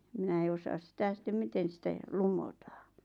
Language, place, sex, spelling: Finnish, Lappajärvi, female, minä en osaa sitä sitten miten sitä - lumottiin
- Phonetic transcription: 'minä ei osaas 'sⁱtä 'sⁱttem 'miten̬ sitä j- , "lumotᴀᴀ .

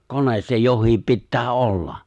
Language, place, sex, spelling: Finnish, Lapinlahti, male, kone se jokin pitää olla
- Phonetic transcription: 'kones se 'joh̆hiip 'pittää "olla .

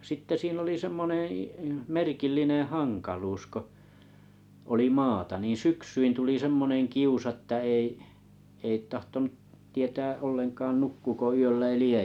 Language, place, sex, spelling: Finnish, Kalajoki, male, sitten siinä oli semmoinen - merkillinen hankaluus kun oli maata niin syksyin tuli semmoinen kiusa että ei ei tahtonut tietää ollenkaan nukkuuko yöllä eli ei
- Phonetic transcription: 'sitte 'sin ‿oli 'semmoneḛ ə 'merkillineḛ"haŋkaaluus ko , 'oli "maata niin̬ "syksyin tuli semmonen'kiusa ᵊttä 'ei , ei 'tahtonuᵗ , tietää 'olleŋkaan 'nukkuuko yöllä eli "ei .

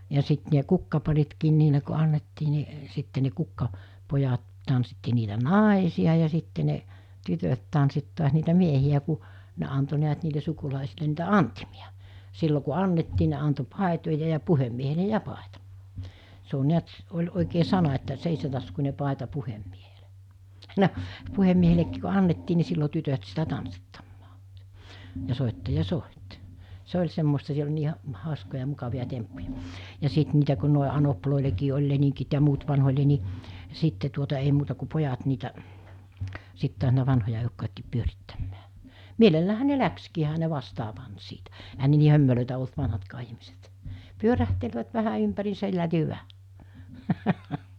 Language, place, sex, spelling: Finnish, Mikkeli, female, ja sitten ne kukkaparitkin niille kun annettiin niin sitten ne - kukkapojat tanssitti niitä naisia ja sitten ne tytöt tanssitti taas niitä miehiä kun ne antoi näet niille sukulaisille niitä antimia silloin kun annettiin ne antoi paitoja ja puhemiehelle ja paita se on näet oli oikein sana että seitsemäntaskuinen paita puhemiehelle no puhemiehellekin kun annettiin niin silloin tytöt sitä tanssittamaan ja soittaja soitti se oli semmoista siellä oli niin - hauskoja mukavia temppuja ja sitten niitä kun noin anopeillekin oli leningit ja muut vanhoille niin sitten tuota ei muuta kuin pojat niitä sitten taas niitä vanhoja eukkojakin pyörittämään mielelläänhän ne lähtikin eihän ne vastaan pannut siitä eihän ne niin hömelöitä ollut vanhatkaan ihmiset pyörähtelivät vähän ympäriinsä hyvä
- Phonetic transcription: ja 'sit ne 'kukkaparitkiin niile ko 'annettii ni , 'sitte ne 'kukka- , '-pojat , tanssitti niitä "nàesi₍a ja sitte ne , 'tytöt tansit tu̬as niitä 'miehi₍ä ku , 'ne anto niät niile 'sukulàesile niitä "antimi₍a , 'sillo ku 'annettii ne anto 'pàetoja ja 'puhemmiehele "ja 'pàeta , se o niät , oĺ òikee 'sana että , 'seisetaskuńe 'pàeta 'puhemmieheʟᴇ , no , 'puhemmiehelekkiik ko 'annettii ni 'sillo 'tytöt sitä 'tanssittammᴀᴀ , ja 'sòittaja 'sòit , 'se oĺ semmosta siel ‿oĺ nii ha- , 'hàoskoja 'mukavi₍a 'temppuja , ja 'sit niitä ku̬ nòe 'anoplòelekii oĺ leniŋkit ja muut vanhoĺe ni , 'sitte tuota ei muuta ku 'pojat niitä , 'sit tu̬as̬ niitä 'vanhoja èokkojakkiip 'pyörittämmää , 'mielelläähä ne "läkskii ehä ne 'vastaa pant siitä , ehän ne nii 'hömmelö̀etä olt 'vanhatkaa ihmiset , 'pyörähtelvät vähä ympäriisä 'hyvä .

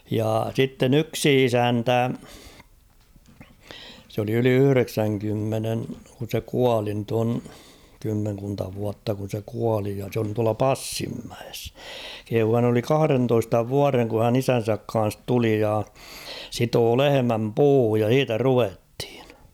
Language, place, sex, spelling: Finnish, Kauhava, male, jaa sitten yksi isäntä se oli yli yhdeksänkymmenen kun se kuoli nyt on kymmenkunta vuotta kun se kuoli ja se oli tuolla Passinmäessä kehui hän oli kahdentoista vuoden kun hän isänsä kanssa tuli ja sitoi lehmän puuhun ja siitä ruvettiin
- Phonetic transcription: jaa 'sitten ‿yksi "isäntä , s ‿oli yli 'yhʸreksäŋkymmenen , kun̬ se "kuali nyt ‿on , 'kymmeŋkunta vuatta kun̬ se 'kuali ja (s ‿oli) tuala "Passimmäes , kehuu 'hän ‿oli "kahᵃrentoista 'vuareŋ ku hän "isän̬säk ka̰a̰s 'tuli ja , 'sitoo "lehemäm "puuhuj ja "h̬iitä "ruvethɪɴ .

